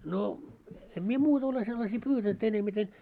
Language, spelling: Finnish, no en minä muuta ole sellaisia pyytänyt enemmiten
- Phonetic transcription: no , 'em mie "muuta ole sellasii 'pyytänt ‿enemiten .

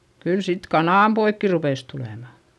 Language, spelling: Finnish, kyllä sitten kananpoikia rupesi tulemaan
- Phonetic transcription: kyl sit kanàmpoikki rupès tulèma .

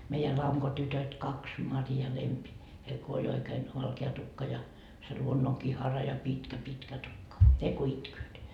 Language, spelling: Finnish, meidän lankotytöt kaksi Mari ja Lempi heillä kun oli oikein valkea tukka ja se luonnonkihara ja pitkä pitkä tukka ne kun itkevät
- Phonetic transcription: 'meijä 'laŋkotytöt 'kaks , "Mari ja "Lempi , heil ko oĺ 'oikeen , 'valke₍a tukka ja , se 'luonnoŋkihara ja 'pitkä "pitkä tukka , "ne ko 'itkööt .

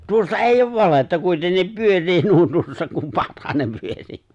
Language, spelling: Finnish, tuossa ei ole valhetta kuitenkin pyörii nuo tuossa kun pakkanen pyörii
- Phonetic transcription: 'tuossa "èijj ‿ov 'valetta 'kuitennip "pyör̆rii 'nuo 'tuossa kum ('pakkanem) 'pyör̀ii .

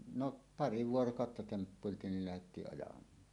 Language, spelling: Finnish, no pari vuorokautta temppuiltiin niin lähdettiin ajamaan
- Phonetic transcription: no , "pari 'vuorokàotta 'temppuiltiin nil lähettii’ ’ajam̀aan .

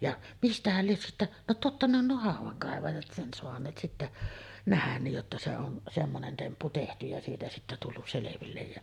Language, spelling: Finnish, ja mistähän lie sitten no totta ne on nuo haudankaivajat sen saaneet sitten nähdä niin jotta se on semmoinen temppu tehty ja siitä sitten tullut selville ja
- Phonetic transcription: ja 'mistähäl lies sittäˀ , no 'totta ne ‿on 'nuo "hàuv̆vaŋkàevajat 'sen soaǹeet sittä , 'nähän niij jotta se on , 'semmonen 'temppu tehty ja siitä sittä tullus 'selevillej jä ,.

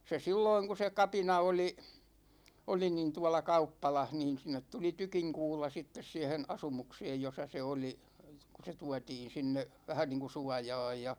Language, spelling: Finnish, se silloin kun se kapina oli oli niin tuolla kauppalassa niin sinne tuli tykinkuula sitten siihen asumukseen jossa se oli kun se tuotiin sinne vähän niin kuin suojaan ja
- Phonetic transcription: 'se 'silloiŋ ku se "kapina oli , 'oli nin 'tuåla "kauppalah niin̬ 'sin̆net tuli "tykiŋkuula sittes siɛhen "asumukseej 'josa se oli , 'ku se "tuatiin̬ 'sinne , 'vähän niiŋku "suajaaj ja ,.

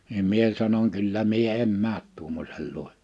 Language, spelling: Finnish, niin minä sanoin kyllä minä en mene tuommoisen luo
- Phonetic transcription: nim 'mie sanoŋ » 'kyllä 'mie "em "määt tuommośel luo « .

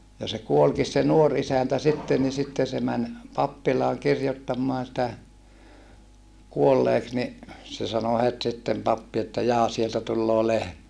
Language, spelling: Finnish, ja se kuolikin se nuori isäntä sitten niin sitten se meni pappilaan kirjoittamaan sitä kuolleeksi niin se sanoi heti sitten pappi että jaa sieltä tulee lehmä
- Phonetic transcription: ja se kuolkis se nuor isäntä sitte ni sitte se män , pappilaaŋ kirjottammoan sⁱtä , kuolleeks ni , se sano het sittem pappi että » jaa sieltä tulloo lehmä .

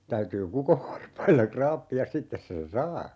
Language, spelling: Finnish, täytyy kukonvarpailla raapia sitten sen saa
- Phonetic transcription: 'täytyy "kukovvarpailla 'kraappi₍as 'sittes sen "saa .

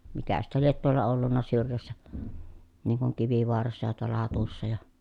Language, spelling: Finnish, mikä sitten lie tuolla ollut syrjässä niin kuin Kivivaarassa ja tuolla Hatussa ja
- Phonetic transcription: mikä sittä liet tuolla ollunna syrjässä , niŋ kuŋ Kivivoarassa ja tuol̀a Hatussa ja ,.

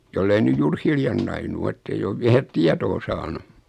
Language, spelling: Finnish, jos ei nyt juuri hiljan nainut ole että ei ole vielä tietoa saanut
- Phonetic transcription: 'jollei nyj 'juur "hiljan nainu 'o ettei'j ‿ov 'viä "tiatoo saanu .

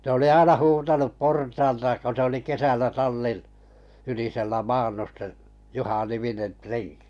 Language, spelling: Finnish, se oli aina huutanut portaalta kun se oli kesällä tallin ylisellä maannut se Juha-niminen renki
- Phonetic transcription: se oli 'aina 'huutanup 'portaalta ko se oli 'kesällä 'tallin , ylisellä "maannus se , 'Juha-niminen "trenkɪ .

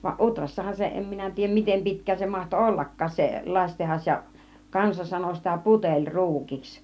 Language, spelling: Finnish, vaan Utrassahan se en minä tiedä miten pitkään se mahtoi ollakaan se lasitehdas ja kansa sanoi sitä - puteliruukiksi
- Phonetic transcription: va "ˀUtrassahan 'se , 'em minä tiijjäm 'mitem 'pi̬tk̆kään se mahto "ollak̆kaas se , 'laśtehas ja , 'kansa sano sitä 'puteĺ "ru̬ukiks .

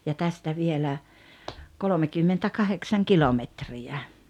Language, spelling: Finnish, ja tästä vielä kolmekymmentäkahdeksan kilometriä
- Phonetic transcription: ja 'tästä vielä , "kolomekymmentä'kaheksaŋ 'kilometri₍ä .

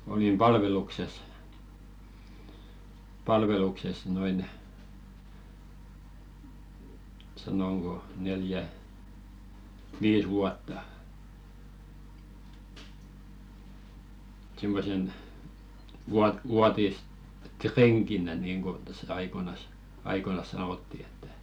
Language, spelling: Finnish, olin palveluksessa palveluksessa noin sanonko neljä viisi vuotta semmoisena - vuotisrenkinä niin kuin tässä aikoinaan aikoinaan sanottiin että
- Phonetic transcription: olim "palvelukses , 'palvelukses noin , sanoŋɢo 'neljä , "viis vuatta , simmosen , vuat- 'vuatis"treŋkinä niiŋko tässä 'aikoⁱnas , "aikonas 'sanòtti ettᴀ̈ .

